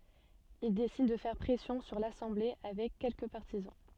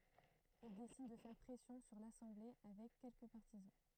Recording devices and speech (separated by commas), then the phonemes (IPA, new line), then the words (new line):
soft in-ear microphone, throat microphone, read sentence
il desid də fɛʁ pʁɛsjɔ̃ syʁ lasɑ̃ble avɛk kɛlkə paʁtizɑ̃
Il décide de faire pression sur l'assemblée avec quelques partisans.